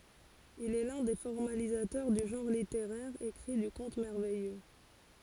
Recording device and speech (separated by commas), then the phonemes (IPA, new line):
forehead accelerometer, read sentence
il ɛ lœ̃ de fɔʁmalizatœʁ dy ʒɑ̃ʁ liteʁɛʁ ekʁi dy kɔ̃t mɛʁvɛjø